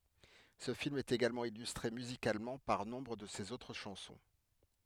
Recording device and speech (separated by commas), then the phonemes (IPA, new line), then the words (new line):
headset microphone, read sentence
sə film ɛt eɡalmɑ̃ ilystʁe myzikalmɑ̃ paʁ nɔ̃bʁ də sez otʁ ʃɑ̃sɔ̃
Ce film est également illustré musicalement par nombre de ses autres chansons.